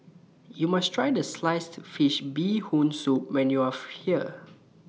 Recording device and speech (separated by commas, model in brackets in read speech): mobile phone (iPhone 6), read sentence